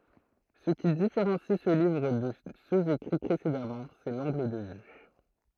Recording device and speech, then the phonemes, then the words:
throat microphone, read sentence
sə ki difeʁɑ̃si sə livʁ də søz ekʁi pʁesedamɑ̃ sɛ lɑ̃ɡl də vy
Ce qui différencie ce livre de ceux écrits précédemment, c'est l'angle de vue.

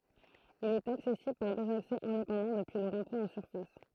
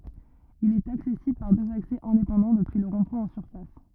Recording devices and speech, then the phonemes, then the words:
throat microphone, rigid in-ear microphone, read sentence
il ɛt aksɛsibl paʁ døz aksɛ ɛ̃depɑ̃dɑ̃ dəpyi lə ʁɔ̃dpwɛ̃ ɑ̃ syʁfas
Il est accessible par deux accès indépendants depuis le rond-point en surface.

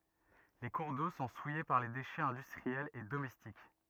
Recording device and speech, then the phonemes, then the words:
rigid in-ear microphone, read sentence
le kuʁ do sɔ̃ suje paʁ le deʃɛz ɛ̃dystʁiɛlz e domɛstik
Les cours d'eau sont souillés par les déchets industriels et domestiques.

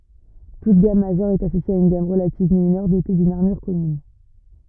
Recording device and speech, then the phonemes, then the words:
rigid in-ear microphone, read sentence
tut ɡam maʒœʁ ɛt asosje a yn ɡam ʁəlativ minœʁ dote dyn aʁmyʁ kɔmyn
Toute gamme majeure est associée à une gamme relative mineure dotée d'une armure commune.

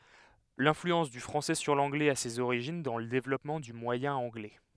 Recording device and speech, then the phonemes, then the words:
headset microphone, read sentence
lɛ̃flyɑ̃s dy fʁɑ̃sɛ syʁ lɑ̃ɡlɛz a sez oʁiʒin dɑ̃ lə devlɔpmɑ̃ dy mwajɛ̃ ɑ̃ɡlɛ
L'influence du français sur l'anglais a ses origines dans le développement du moyen anglais.

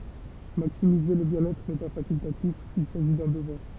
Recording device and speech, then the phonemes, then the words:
temple vibration pickup, read sentence
maksimize lə bjɛ̃n ɛtʁ nɛ pa fakyltatif il saʒi dœ̃ dəvwaʁ
Maximiser le bien-être n'est pas facultatif, il s'agit d'un devoir.

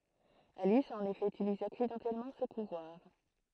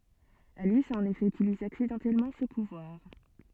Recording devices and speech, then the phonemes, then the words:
throat microphone, soft in-ear microphone, read sentence
alis a ɑ̃n efɛ ytilize aksidɑ̃tɛlmɑ̃ sə puvwaʁ
Alice a en effet utilisé accidentellement ce pouvoir.

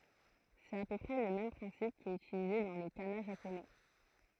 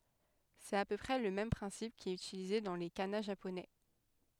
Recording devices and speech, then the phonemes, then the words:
throat microphone, headset microphone, read sentence
sɛt a pø pʁɛ lə mɛm pʁɛ̃sip ki ɛt ytilize dɑ̃ le kana ʒaponɛ
C'est à peu près le même principe qui est utilisé dans les kana japonais.

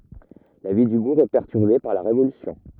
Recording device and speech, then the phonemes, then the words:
rigid in-ear microphone, read sentence
la vi dy buʁ ɛ pɛʁtyʁbe paʁ la ʁevolysjɔ̃
La vie du bourg est perturbée par la Révolution.

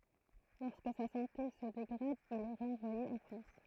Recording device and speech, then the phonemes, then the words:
throat microphone, read sentence
lɔʁskə sa sɑ̃te sə deɡʁad il ɛ ʁɑ̃vwaje ɑ̃ fʁɑ̃s
Lorsque sa santé se dégrade, il est renvoyé en France.

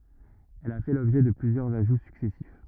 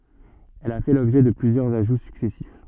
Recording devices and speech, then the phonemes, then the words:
rigid in-ear microphone, soft in-ear microphone, read sentence
ɛl a fɛ lɔbʒɛ də plyzjœʁz aʒu syksɛsif
Elle a fait l'objet de plusieurs ajouts successifs.

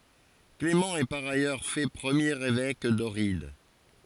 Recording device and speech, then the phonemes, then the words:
forehead accelerometer, read sentence
klemɑ̃ ɛ paʁ ajœʁ fɛ pʁəmjeʁ evɛk dɔʁid
Clément est par ailleurs fait premier évêque d'Ohrid.

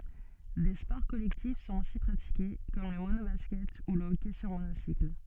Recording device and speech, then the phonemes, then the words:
soft in-ear microphone, read sentence
de spɔʁ kɔlɛktif sɔ̃t osi pʁatike kɔm lə monobaskɛt u lə ɔkɛ syʁ monosikl
Des sports collectifs sont aussi pratiqués, comme le mono-basket ou le hockey sur monocycle.

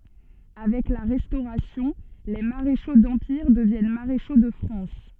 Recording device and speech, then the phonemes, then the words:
soft in-ear microphone, read sentence
avɛk la ʁɛstoʁasjɔ̃ le maʁeʃo dɑ̃piʁ dəvjɛn maʁeʃo də fʁɑ̃s
Avec la Restauration, les maréchaux d’Empire deviennent maréchaux de France.

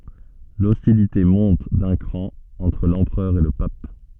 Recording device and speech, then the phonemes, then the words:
soft in-ear microphone, read sentence
lɔstilite mɔ̃t dœ̃ kʁɑ̃ ɑ̃tʁ lɑ̃pʁœʁ e lə pap
L'hostilité monte d'un cran entre l'empereur et le pape.

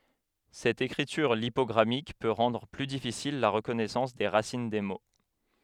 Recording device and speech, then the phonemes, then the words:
headset microphone, read sentence
sɛt ekʁityʁ lipɔɡʁamik pø ʁɑ̃dʁ ply difisil la ʁəkɔnɛsɑ̃s de ʁasin de mo
Cette écriture lipogrammique peut rendre plus difficile la reconnaissance des racines des mots.

